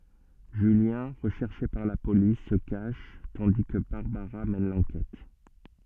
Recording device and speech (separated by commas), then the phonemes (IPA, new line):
soft in-ear microphone, read sentence
ʒyljɛ̃ ʁəʃɛʁʃe paʁ la polis sə kaʃ tɑ̃di kə baʁbaʁa mɛn lɑ̃kɛt